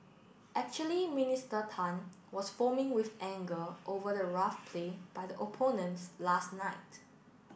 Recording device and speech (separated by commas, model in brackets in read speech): boundary microphone (BM630), read sentence